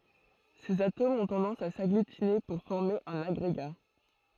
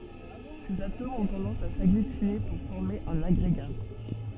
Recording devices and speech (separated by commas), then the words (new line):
throat microphone, soft in-ear microphone, read sentence
Ces atomes ont tendance à s'agglutiner pour former un agrégat.